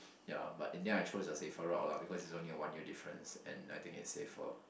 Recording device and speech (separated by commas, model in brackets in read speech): boundary microphone, conversation in the same room